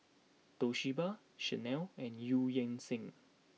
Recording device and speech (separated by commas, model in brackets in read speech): mobile phone (iPhone 6), read sentence